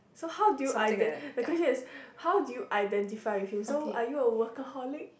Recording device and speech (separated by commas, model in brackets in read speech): boundary microphone, conversation in the same room